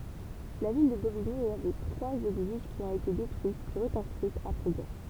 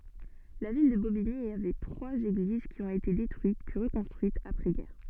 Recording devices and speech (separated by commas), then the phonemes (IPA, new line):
temple vibration pickup, soft in-ear microphone, read sentence
la vil də bobiɲi avɛ tʁwaz eɡliz ki ɔ̃t ete detʁyit pyi ʁəkɔ̃stʁyitz apʁɛzɡɛʁ